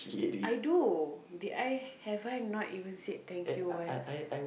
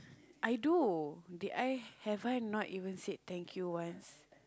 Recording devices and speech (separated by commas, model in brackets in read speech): boundary microphone, close-talking microphone, conversation in the same room